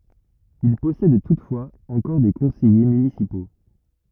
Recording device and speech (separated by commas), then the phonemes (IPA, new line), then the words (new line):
rigid in-ear microphone, read sentence
il pɔsɛd tutfwaz ɑ̃kɔʁ de kɔ̃sɛje mynisipo
Il possède toutefois encore des conseillers municipaux.